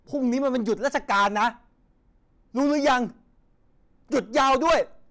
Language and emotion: Thai, angry